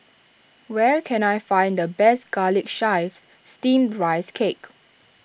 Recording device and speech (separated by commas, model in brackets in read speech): boundary microphone (BM630), read sentence